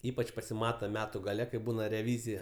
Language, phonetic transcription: Lithuanian, ˈypač pasiˈmata ˈmetu gaˈle kai ˈbūna reˈvyzija

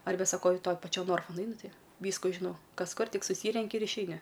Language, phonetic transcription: Lithuanian, ˈarbe saˈkau i ˈtoj paˈčio ˈnorfu nuˈainu ˈti ˈvysku žiˈnau ˈkas ˈkur ˈtik suˈsyrenki ir išeiˈni

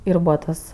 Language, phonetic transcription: Lithuanian, ir ˈbūva tas

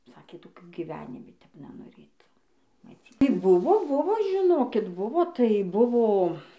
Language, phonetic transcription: Lithuanian, ˈsakė toˈkių gyˈvenimi tep nenoˈrėt maˈcy ˈtai ˈbuvo ˈbuvo žiˈnokit ˈbuvo tai ˈbuvo

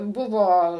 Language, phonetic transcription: Lithuanian, ˈbuvo

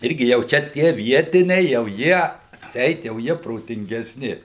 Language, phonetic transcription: Lithuanian, ˈirgi jau ˈčia ˈtie ˈvietiniai jau ˈjie atˈseit jau ˈjie protingeˈsni

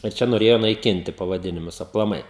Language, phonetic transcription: Lithuanian, ir ˈčia noˈrėjo naiˈkinti pavaˈdinimus aplaˈmai

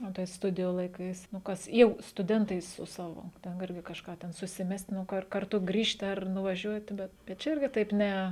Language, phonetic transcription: Lithuanian, o tai ˈstudijų laiˈkais nu ˈkas jau stuˈdentai su ˈsavo ˈten ˈirgi kažˈką ten susiˈmest' nu ˈkar karˈtu ˈgrįžti ar nuvaˈžiuoti bet bet ˈčia ˈirgi taip ˈne

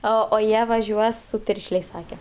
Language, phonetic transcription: Lithuanian, ˈo o ˈjie vaˈžiuos su ˈpiršlės' ˈsake

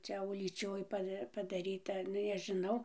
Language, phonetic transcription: Lithuanian, ˈčia ulyˈčioj ˈpa padaˈryta ˈnu nežiˈnau

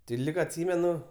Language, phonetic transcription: Lithuanian, ti ˈlyg atˈsymenu

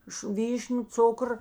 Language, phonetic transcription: Lithuanian, iš ˈvyšniu ˈcukr

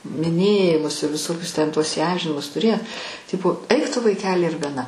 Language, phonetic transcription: Lithuanian, miˈnėjimus i viˈsokius ten ˈtuos įˈamžinimus tuˈrė ˈtipo ˈaik ˈtu vaiˈkeli ir gaˈna

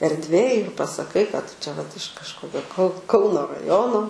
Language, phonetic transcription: Lithuanian, erdˈvėj ir pasaˈkai kad ˈtu čia vat iš kažˈkokio kau ˈkauno raˈjono

